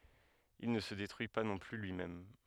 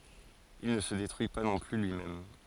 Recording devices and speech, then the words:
headset microphone, forehead accelerometer, read sentence
Il ne se détruit pas non plus lui-même.

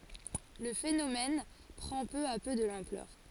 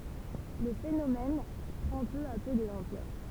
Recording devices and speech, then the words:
forehead accelerometer, temple vibration pickup, read sentence
Le phénomène prend peu à peu de l'ampleur.

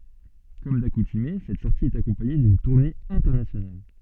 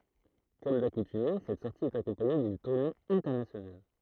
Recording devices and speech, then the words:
soft in-ear microphone, throat microphone, read sentence
Comme d'accoutumée, cette sortie est accompagnée d'une tournée internationale.

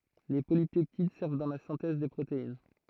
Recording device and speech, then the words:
throat microphone, read sentence
Les polypeptides servent dans la synthèse des protéines.

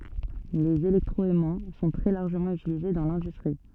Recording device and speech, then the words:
soft in-ear microphone, read sentence
Les électroaimants sont très largement utilisés dans l’industrie.

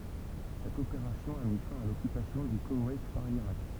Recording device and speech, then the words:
temple vibration pickup, read sentence
Cette opération a mis fin à l'occupation du Koweït par l'Irak.

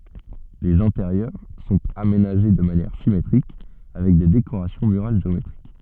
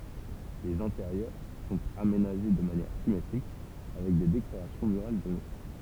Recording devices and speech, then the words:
soft in-ear microphone, temple vibration pickup, read sentence
Les intérieurs sont aménagés de manière symétriques, avec des décorations murales géométriques.

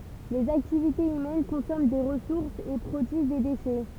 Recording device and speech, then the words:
temple vibration pickup, read sentence
Les activités humaines consomment des ressources et produisent des déchets.

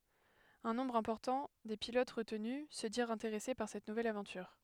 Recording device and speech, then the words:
headset microphone, read sentence
Un nombre important des pilotes retenus se dirent intéressés par cette nouvelle aventure.

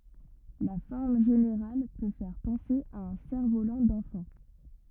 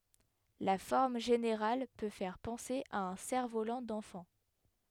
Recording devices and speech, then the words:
rigid in-ear microphone, headset microphone, read sentence
La forme générale peut faire penser à un cerf-volant d'enfant.

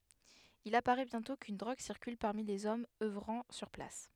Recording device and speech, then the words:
headset microphone, read sentence
Il apparaît bientôt qu'une drogue circule parmi les hommes œuvrant sur place.

